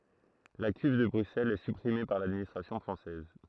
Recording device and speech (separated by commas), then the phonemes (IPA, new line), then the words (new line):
throat microphone, read sentence
la kyv də bʁyksɛlz ɛ sypʁime paʁ ladministʁasjɔ̃ fʁɑ̃sɛz
La Cuve de Bruxelles est supprimée par l'administration française.